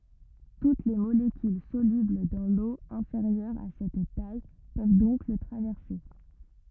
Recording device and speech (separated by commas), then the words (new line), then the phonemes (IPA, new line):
rigid in-ear microphone, read sentence
Toutes les molécules solubles dans l'eau inférieure à cette taille peuvent donc le traverser.
tut le molekyl solybl dɑ̃ lo ɛ̃feʁjœʁ a sɛt taj pøv dɔ̃k lə tʁavɛʁse